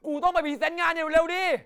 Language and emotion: Thai, angry